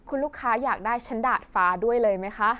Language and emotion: Thai, frustrated